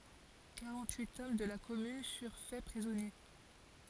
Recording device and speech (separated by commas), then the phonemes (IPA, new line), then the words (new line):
forehead accelerometer, read sentence
kaʁɑ̃t yit ɔm də la kɔmyn fyʁ fɛ pʁizɔnje
Quarante-huit hommes de la commune furent fait prisonniers.